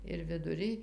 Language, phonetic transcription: Lithuanian, ir viduˈrij

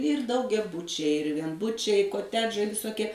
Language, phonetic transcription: Lithuanian, ir daugiaˈbučiai ir vienˈbučiai i koˈtedžai visoˈkie

